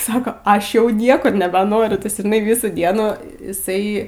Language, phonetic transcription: Lithuanian, ˈsako ˈaš jau ˈniekur nebeˈnoriu ˈtas žiˈnai ˈvysų ˈdienų iˈsai

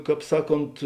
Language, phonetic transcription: Lithuanian, ˈkāp ˈsaˌkont

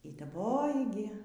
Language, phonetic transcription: Lithuanian, y daˈboji gi

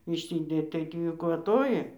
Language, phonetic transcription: Lithuanian, išˈsidėt tai ˈtį kvaˈtoji

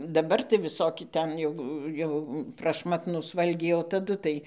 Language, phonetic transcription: Lithuanian, daˈbar tai viˈsoki ˈten jau ˈjau prašˈmatnūs ˈvalgiai o taˈdu tai

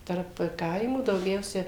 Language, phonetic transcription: Lithuanian, tarp ˈkaimų dauˈgiausia

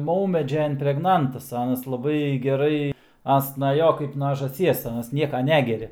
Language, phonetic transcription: Lithuanian, ˈmaumedžia impregˈnantas ˈanas laˈbai geˈrai ˈans na ˈjo kaip na žąˈsies ˈanas ˈnieka ˈnegeria

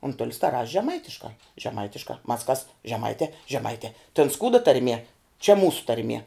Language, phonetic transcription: Lithuanian, unˈtulis ta raš' žeˈmaitiškā žeˈmaitiškā mas kas žeˈmaitē žeˈmaitē ten ˈskūda tarˈmie čia ˈmūsu tarˈmie

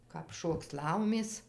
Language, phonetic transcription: Lithuanian, kap ˈšoks ˈlaumės

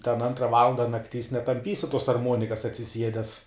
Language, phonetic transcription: Lithuanian, ten ˈantra ˈvalanda nakˈtys netamˈpysi tuos arˈmuonikas atsiˈsiedes

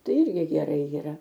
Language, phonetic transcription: Lithuanian, ˈtai ˈirgi geˈrai jyˈra

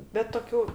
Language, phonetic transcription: Lithuanian, bet toˈkių

